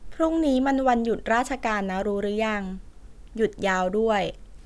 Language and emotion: Thai, neutral